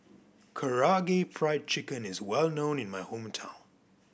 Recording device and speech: boundary microphone (BM630), read sentence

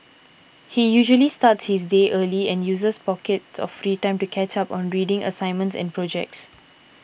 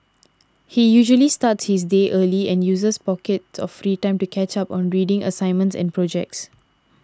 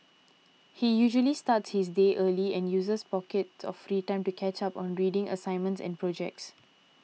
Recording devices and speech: boundary microphone (BM630), standing microphone (AKG C214), mobile phone (iPhone 6), read sentence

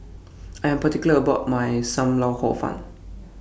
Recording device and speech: boundary microphone (BM630), read sentence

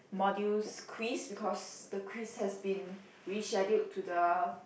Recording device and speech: boundary microphone, conversation in the same room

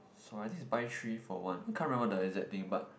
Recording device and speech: boundary microphone, conversation in the same room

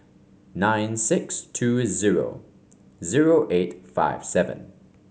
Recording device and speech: mobile phone (Samsung C5), read sentence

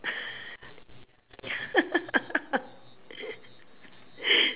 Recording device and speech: telephone, conversation in separate rooms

